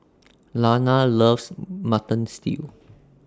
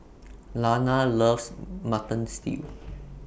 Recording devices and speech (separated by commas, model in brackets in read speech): standing microphone (AKG C214), boundary microphone (BM630), read sentence